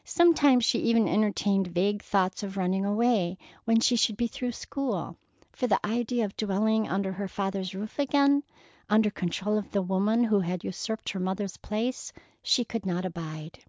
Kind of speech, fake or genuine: genuine